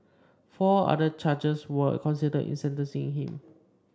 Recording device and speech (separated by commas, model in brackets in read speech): standing microphone (AKG C214), read sentence